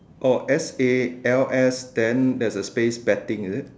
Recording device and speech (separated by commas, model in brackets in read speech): standing microphone, conversation in separate rooms